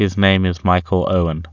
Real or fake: real